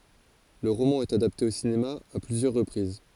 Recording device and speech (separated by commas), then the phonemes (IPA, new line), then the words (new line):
forehead accelerometer, read sentence
lə ʁomɑ̃ ɛt adapte o sinema a plyzjœʁ ʁəpʁiz
Le roman est adapté au cinéma à plusieurs reprises.